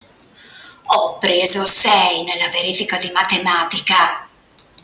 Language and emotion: Italian, angry